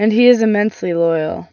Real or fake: real